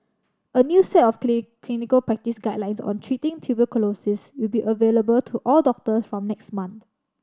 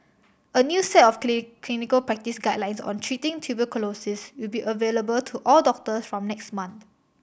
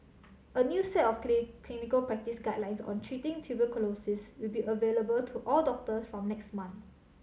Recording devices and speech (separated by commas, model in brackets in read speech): standing microphone (AKG C214), boundary microphone (BM630), mobile phone (Samsung C7100), read sentence